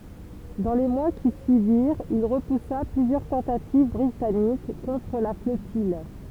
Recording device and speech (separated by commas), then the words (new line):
temple vibration pickup, read sentence
Dans les mois qui suivirent, il repoussa plusieurs tentatives britanniques contre la flottille.